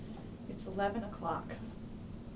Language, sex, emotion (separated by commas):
English, female, neutral